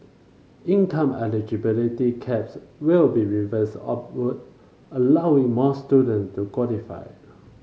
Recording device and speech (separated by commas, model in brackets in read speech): mobile phone (Samsung C5), read sentence